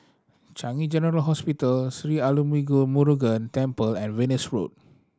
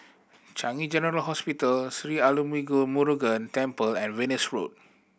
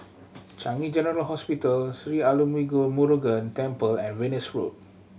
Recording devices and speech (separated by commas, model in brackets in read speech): standing microphone (AKG C214), boundary microphone (BM630), mobile phone (Samsung C7100), read sentence